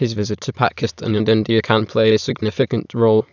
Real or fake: fake